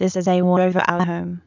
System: TTS, waveform concatenation